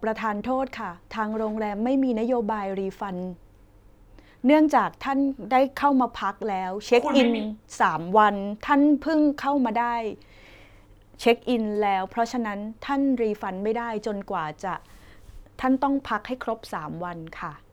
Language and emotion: Thai, neutral